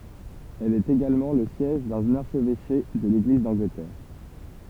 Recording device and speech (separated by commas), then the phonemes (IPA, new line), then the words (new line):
temple vibration pickup, read sentence
ɛl ɛt eɡalmɑ̃ lə sjɛʒ dœ̃n aʁʃvɛʃe də leɡliz dɑ̃ɡlətɛʁ
Elle est également le siège d'un archevêché de l'Église d'Angleterre.